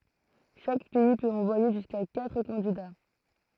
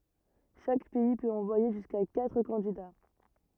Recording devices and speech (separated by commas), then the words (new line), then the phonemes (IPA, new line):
throat microphone, rigid in-ear microphone, read sentence
Chaque pays peut envoyer jusqu'à quatre candidats.
ʃak pɛi pøt ɑ̃vwaje ʒyska katʁ kɑ̃dida